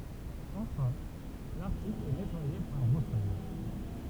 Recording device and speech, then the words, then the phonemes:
temple vibration pickup, read sentence
Enfin, l’article est nettoyé par brossage.
ɑ̃fɛ̃ laʁtikl ɛ nɛtwaje paʁ bʁɔsaʒ

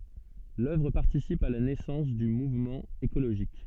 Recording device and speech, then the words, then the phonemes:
soft in-ear microphone, read sentence
L’œuvre participe à la naissance du mouvement écologiste.
lœvʁ paʁtisip a la nɛsɑ̃s dy muvmɑ̃ ekoloʒist

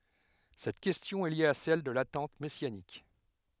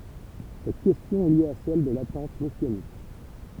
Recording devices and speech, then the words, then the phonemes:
headset microphone, temple vibration pickup, read sentence
Cette question est liée à celle de l'attente messianique.
sɛt kɛstjɔ̃ ɛ lje a sɛl də latɑ̃t mɛsjanik

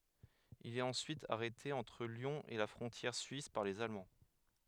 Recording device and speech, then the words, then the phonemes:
headset microphone, read sentence
Il est ensuite arrêté entre Lyon et la frontière suisse par les Allemands.
il ɛt ɑ̃syit aʁɛte ɑ̃tʁ ljɔ̃ e la fʁɔ̃tjɛʁ syis paʁ lez almɑ̃

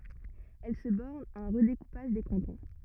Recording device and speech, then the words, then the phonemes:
rigid in-ear microphone, read sentence
Elle se borne à un redécoupage des cantons.
ɛl sə bɔʁn a œ̃ ʁədekupaʒ de kɑ̃tɔ̃

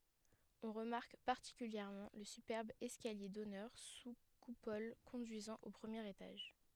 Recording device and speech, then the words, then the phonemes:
headset microphone, read sentence
On remarque particulièrement le superbe escalier d'honneur sous coupole conduisant au premier étage.
ɔ̃ ʁəmaʁk paʁtikyljɛʁmɑ̃ lə sypɛʁb ɛskalje dɔnœʁ su kupɔl kɔ̃dyizɑ̃ o pʁəmjeʁ etaʒ

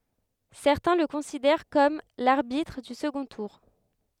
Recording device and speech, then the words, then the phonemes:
headset microphone, read sentence
Certains le considèrent comme l'arbitre du second tour.
sɛʁtɛ̃ lə kɔ̃sidɛʁ kɔm laʁbitʁ dy səɡɔ̃ tuʁ

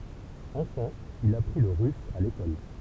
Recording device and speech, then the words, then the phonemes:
temple vibration pickup, read sentence
Enfant, il apprit le russe à l'école.
ɑ̃fɑ̃ il apʁi lə ʁys a lekɔl

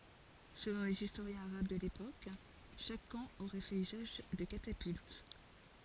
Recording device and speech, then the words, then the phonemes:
forehead accelerometer, read sentence
Selon les historiens arabes de l'époque, chaque camp aurait fait usage de catapultes.
səlɔ̃ lez istoʁjɛ̃z aʁab də lepok ʃak kɑ̃ oʁɛ fɛt yzaʒ də katapylt

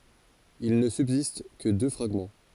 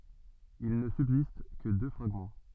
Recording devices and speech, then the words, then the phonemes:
forehead accelerometer, soft in-ear microphone, read sentence
Il ne subsiste que deux fragments.
il nə sybzist kə dø fʁaɡmɑ̃

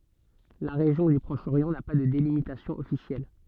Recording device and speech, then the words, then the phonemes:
soft in-ear microphone, read sentence
La région du Proche-Orient n'a pas de délimitation officielle.
la ʁeʒjɔ̃ dy pʁɔʃ oʁjɑ̃ na pa də delimitasjɔ̃ ɔfisjɛl

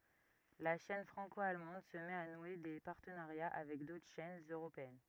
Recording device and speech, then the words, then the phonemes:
rigid in-ear microphone, read sentence
La chaîne franco-allemande se met à nouer des partenariats avec d'autres chaînes européennes.
la ʃɛn fʁɑ̃ko almɑ̃d sə mɛt a nwe de paʁtənaʁja avɛk dotʁ ʃɛnz øʁopeɛn

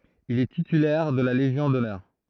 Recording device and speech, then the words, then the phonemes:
throat microphone, read sentence
Il est titulaire de la légion d’honneur.
il ɛ titylɛʁ də la leʒjɔ̃ dɔnœʁ

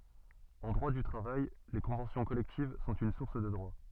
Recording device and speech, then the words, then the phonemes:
soft in-ear microphone, read sentence
En droit du travail, les conventions collectives sont une source de droit.
ɑ̃ dʁwa dy tʁavaj le kɔ̃vɑ̃sjɔ̃ kɔlɛktiv sɔ̃t yn suʁs də dʁwa

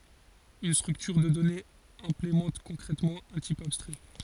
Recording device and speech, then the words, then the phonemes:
forehead accelerometer, read sentence
Une structure de données implémente concrètement un type abstrait.
yn stʁyktyʁ də dɔnez ɛ̃plemɑ̃t kɔ̃kʁɛtmɑ̃ œ̃ tip abstʁɛ

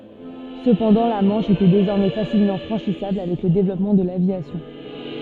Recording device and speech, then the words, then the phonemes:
soft in-ear microphone, read sentence
Cependant la Manche était désormais facilement franchissable avec le développement de l'aviation.
səpɑ̃dɑ̃ la mɑ̃ʃ etɛ dezɔʁmɛ fasilmɑ̃ fʁɑ̃ʃisabl avɛk lə devlɔpmɑ̃ də lavjasjɔ̃

